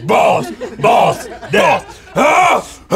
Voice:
super deep voice